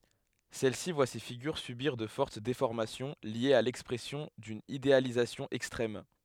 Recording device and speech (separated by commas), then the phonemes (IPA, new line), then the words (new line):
headset microphone, read sentence
sɛl si vwa se fiɡyʁ sybiʁ də fɔʁt defɔʁmasjɔ̃ ljez a lɛkspʁɛsjɔ̃ dyn idealizasjɔ̃ ɛkstʁɛm
Celle-ci voit ses figures subir de fortes déformations liées à l'expression d'une idéalisation extrême.